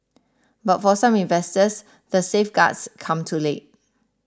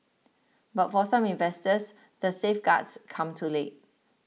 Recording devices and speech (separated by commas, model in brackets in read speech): standing microphone (AKG C214), mobile phone (iPhone 6), read sentence